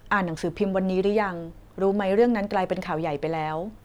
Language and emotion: Thai, neutral